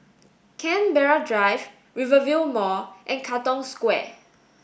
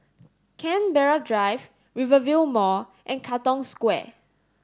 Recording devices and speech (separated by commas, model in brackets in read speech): boundary microphone (BM630), standing microphone (AKG C214), read sentence